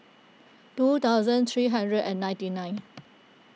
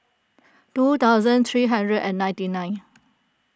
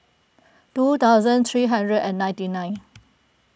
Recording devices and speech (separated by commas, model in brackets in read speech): mobile phone (iPhone 6), close-talking microphone (WH20), boundary microphone (BM630), read sentence